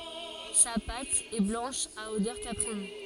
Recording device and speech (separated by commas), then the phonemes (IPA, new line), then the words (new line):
forehead accelerometer, read sentence
sa pat ɛ blɑ̃ʃ a odœʁ kapʁin
Sa pâte est blanche à odeur caprine.